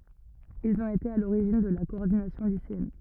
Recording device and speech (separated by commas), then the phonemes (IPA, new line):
rigid in-ear microphone, read sentence
ilz ɔ̃t ete a loʁiʒin də la kɔɔʁdinasjɔ̃ liseɛn